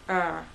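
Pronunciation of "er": This 'er' sound is pronounced incorrectly.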